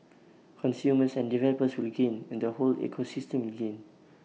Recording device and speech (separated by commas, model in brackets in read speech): mobile phone (iPhone 6), read sentence